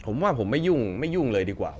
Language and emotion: Thai, frustrated